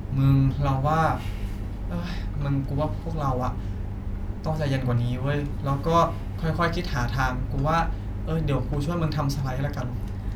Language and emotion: Thai, frustrated